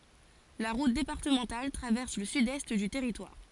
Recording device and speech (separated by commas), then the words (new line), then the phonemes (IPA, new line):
forehead accelerometer, read sentence
La route départementale traverse le sud-est du territoire.
la ʁut depaʁtəmɑ̃tal tʁavɛʁs lə sydɛst dy tɛʁitwaʁ